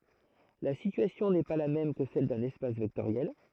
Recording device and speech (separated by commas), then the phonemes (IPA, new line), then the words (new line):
throat microphone, read sentence
la sityasjɔ̃ nɛ pa la mɛm kə sɛl dœ̃n ɛspas vɛktoʁjɛl
La situation n'est pas la même que celle d'un espace vectoriel.